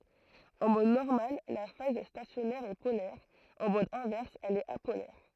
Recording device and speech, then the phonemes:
throat microphone, read sentence
ɑ̃ mɔd nɔʁmal la faz stasjɔnɛʁ ɛ polɛʁ ɑ̃ mɔd ɛ̃vɛʁs ɛl ɛt apolɛʁ

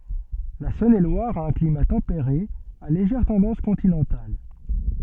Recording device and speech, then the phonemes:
soft in-ear microphone, read sentence
la sɔ̃nelwaʁ a œ̃ klima tɑ̃peʁe a leʒɛʁ tɑ̃dɑ̃s kɔ̃tinɑ̃tal

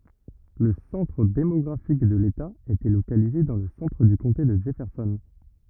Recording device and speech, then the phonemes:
rigid in-ear microphone, read sentence
lə sɑ̃tʁ demɔɡʁafik də leta etɛ lokalize dɑ̃ lə sɑ̃tʁ dy kɔ̃te də dʒɛfɛʁsɔn

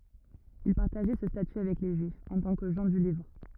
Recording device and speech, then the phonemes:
rigid in-ear microphone, read sentence
il paʁtaʒɛ sə staty avɛk le ʒyifz ɑ̃ tɑ̃ kə ʒɑ̃ dy livʁ

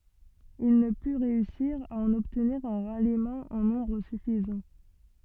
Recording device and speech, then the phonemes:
soft in-ear microphone, read sentence
il nə py ʁeysiʁ a ɑ̃n ɔbtniʁ œ̃ ʁalimɑ̃ ɑ̃ nɔ̃bʁ syfizɑ̃

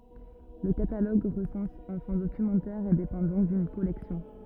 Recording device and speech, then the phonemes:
rigid in-ear microphone, read sentence
lə kataloɡ ʁəsɑ̃s œ̃ fɔ̃ dokymɑ̃tɛʁ e depɑ̃ dɔ̃k dyn kɔlɛksjɔ̃

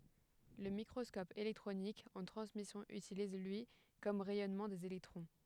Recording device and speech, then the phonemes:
headset microphone, read sentence
lə mikʁɔskɔp elɛktʁonik ɑ̃ tʁɑ̃smisjɔ̃ ytiliz lyi kɔm ʁɛjɔnmɑ̃ dez elɛktʁɔ̃

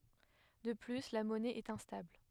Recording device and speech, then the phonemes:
headset microphone, read sentence
də ply la mɔnɛ ɛt ɛ̃stabl

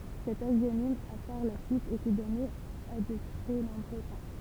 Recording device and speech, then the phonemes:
temple vibration pickup, read sentence
sɛt aʒjonim a paʁ la syit ete dɔne a də tʁɛ nɔ̃bʁø sɛ̃

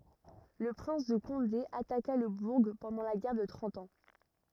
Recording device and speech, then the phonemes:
rigid in-ear microphone, read sentence
lə pʁɛ̃s də kɔ̃de ataka lə buʁ pɑ̃dɑ̃ la ɡɛʁ də tʁɑ̃t ɑ̃

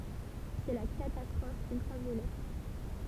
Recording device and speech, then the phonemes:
temple vibration pickup, read sentence
sɛ la katastʁɔf yltʁavjolɛt

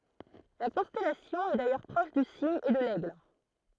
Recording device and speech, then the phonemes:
throat microphone, read sentence
la kɔ̃stɛlasjɔ̃ ɛ dajœʁ pʁɔʃ dy siɲ e də lɛɡl

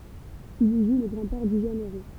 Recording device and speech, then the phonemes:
temple vibration pickup, read sentence
il i ʒu lə ɡʁɑ̃dpɛʁ dy ʒøn eʁo

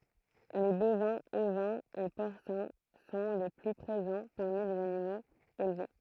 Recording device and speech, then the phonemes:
throat microphone, read sentence
le bovɛ̃z ovɛ̃z e pɔʁsɛ̃ sɔ̃ le ply pʁezɑ̃ paʁmi lez animoz elve

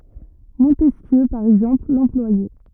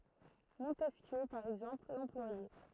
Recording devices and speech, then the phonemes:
rigid in-ear microphone, throat microphone, read sentence
mɔ̃tɛskjø paʁ ɛɡzɑ̃pl lɑ̃plwajɛ

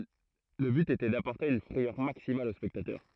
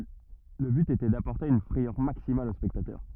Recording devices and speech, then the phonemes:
throat microphone, rigid in-ear microphone, read sentence
lə byt etɛ dapɔʁte yn fʁɛjœʁ maksimal o spɛktatœʁ

